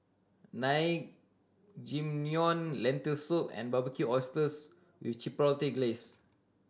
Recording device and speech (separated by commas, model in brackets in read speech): standing microphone (AKG C214), read sentence